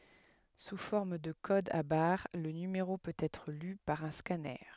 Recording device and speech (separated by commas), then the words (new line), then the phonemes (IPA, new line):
headset microphone, read sentence
Sous forme de codes à barres, le numéro peut être lu par un scanner.
su fɔʁm də kodz a baʁ lə nymeʁo pøt ɛtʁ ly paʁ œ̃ skanœʁ